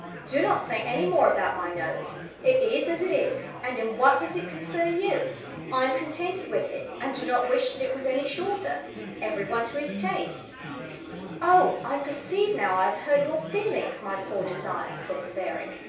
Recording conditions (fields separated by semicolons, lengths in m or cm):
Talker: one person; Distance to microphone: 3.0 m; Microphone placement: far; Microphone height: 1.8 m; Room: small (3.7 m by 2.7 m); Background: babble